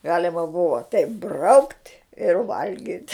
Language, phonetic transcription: Lithuanian, ˈgalema ˈbuva teip braukt' ir ˈvalgit'

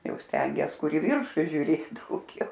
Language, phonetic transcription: Lithuanian, ˈjau ˈstengies ˈkur i ˈviršu žiuˈrėt dauˈgiau

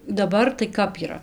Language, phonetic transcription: Lithuanian, daˈbar tai ˈkap yˈra

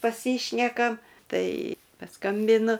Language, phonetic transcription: Lithuanian, paˈsyšnekam ˈtai paˈskambinu

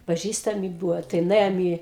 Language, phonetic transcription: Lithuanian, paˈžįstamiˈ buvo tai nuˈėjom i

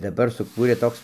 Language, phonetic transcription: Lithuanian, daˈbar suˈkūrė ˈtoks

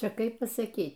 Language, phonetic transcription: Lithuanian, ˈčia ˈkaip pasaˈkyt'

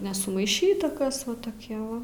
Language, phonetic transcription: Lithuanian, nesumaiˈšyta ˈkas va toˈkie va

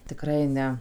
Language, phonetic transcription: Lithuanian, tiˈkrai ˈne

